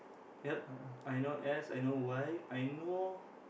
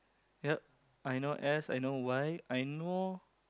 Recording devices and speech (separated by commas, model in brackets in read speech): boundary microphone, close-talking microphone, conversation in the same room